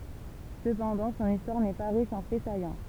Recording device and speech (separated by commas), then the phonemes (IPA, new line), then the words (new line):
temple vibration pickup, read sentence
səpɑ̃dɑ̃ sɔ̃n istwaʁ nɛ pa ʁiʃ ɑ̃ fɛ sajɑ̃
Cependant, son histoire n’est pas riche en faits saillants.